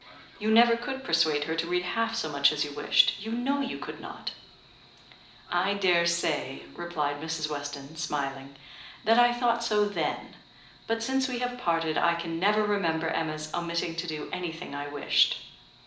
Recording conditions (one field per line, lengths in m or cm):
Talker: one person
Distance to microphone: 2.0 m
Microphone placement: close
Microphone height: 99 cm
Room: medium-sized (5.7 m by 4.0 m)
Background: television